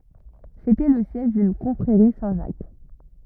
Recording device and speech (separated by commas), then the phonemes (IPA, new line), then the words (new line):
rigid in-ear microphone, read sentence
setɛ lə sjɛʒ dyn kɔ̃fʁeʁi sɛ̃tʒak
C’était le siège d’une confrérie Saint-Jacques.